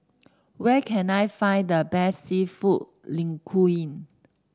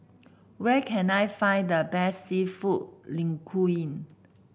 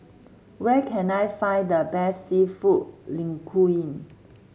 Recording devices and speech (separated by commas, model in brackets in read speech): standing microphone (AKG C214), boundary microphone (BM630), mobile phone (Samsung C7), read sentence